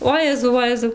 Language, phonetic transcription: Lithuanian, ˈojezau ˈvojezau

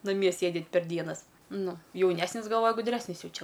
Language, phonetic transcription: Lithuanian, naˈmie ˈsėdit per ˈdienas ˈnu jauˈnesnis galˈvoja guˈdresnis ˈjau ˈčia

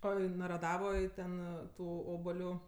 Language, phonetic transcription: Lithuanian, ˈo i naraˈdavoj ˈten ˈtų ˈobaliu

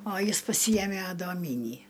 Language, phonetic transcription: Lithuanian, o ˈjis paˈsyjeme adoˈmynį

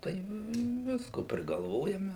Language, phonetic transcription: Lithuanian, tai ˈvisko prigalˈvojame

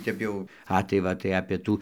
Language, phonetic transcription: Lithuanian, ˈtep jau ˈa tai ˈva tai apė ˈtų

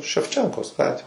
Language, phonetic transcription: Lithuanian, ševˈčenkos ˈgatvė

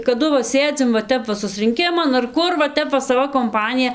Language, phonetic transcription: Lithuanian, kaˈdu va ˈsėdzim va ˈtep va susrinˈkiman ar ˈkur va ˈtep va saˈva komˈpanija

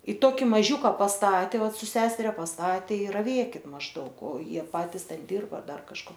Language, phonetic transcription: Lithuanian, i ˈtoki ˈmažiūka pasˈtate ˈvat ˈsu ˈseseria pasˈtatė i raˈvėkit mažˈdaug o ˈjie ˈpatis ˈten ˈdirba ˈdar kažˈko

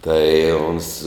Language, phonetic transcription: Lithuanian, ˈtai uns

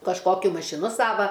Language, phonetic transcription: Lithuanian, kažˈkokiu mašiˈnu ˈsava

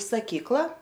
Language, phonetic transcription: Lithuanian, saˈkykla

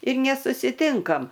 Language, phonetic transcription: Lithuanian, ir nesusiˈtinkam

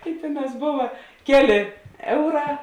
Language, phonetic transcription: Lithuanian, i ˈtėˌnās ˈbova ˈkeˌlė ˈeuˌrā

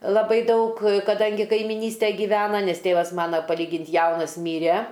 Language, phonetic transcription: Lithuanian, laˈbai ˈdaug kaˈdangi kaimiˈnystæ gyˈvena ˈnes ˈtėvas ˈmana paˈlygint' ˈjaunas ˈmyre

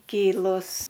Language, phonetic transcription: Lithuanian, ˈkylus

